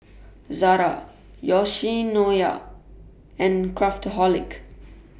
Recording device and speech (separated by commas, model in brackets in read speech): boundary microphone (BM630), read sentence